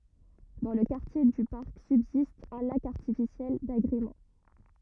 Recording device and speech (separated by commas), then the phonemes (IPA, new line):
rigid in-ear microphone, read sentence
dɑ̃ lə kaʁtje dy paʁk sybzist œ̃ lak aʁtifisjɛl daɡʁemɑ̃